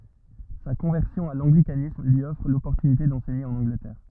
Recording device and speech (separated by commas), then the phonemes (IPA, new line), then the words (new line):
rigid in-ear microphone, read sentence
sa kɔ̃vɛʁsjɔ̃ a lɑ̃ɡlikanism lyi ɔfʁ lɔpɔʁtynite dɑ̃sɛɲe ɑ̃n ɑ̃ɡlətɛʁ
Sa conversion à l'anglicanisme lui offre l'opportunité d'enseigner en Angleterre.